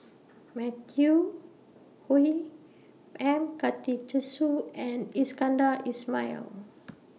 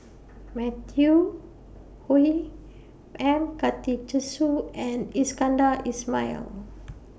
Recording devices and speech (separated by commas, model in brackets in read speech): mobile phone (iPhone 6), boundary microphone (BM630), read sentence